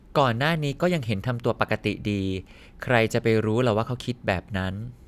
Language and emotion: Thai, neutral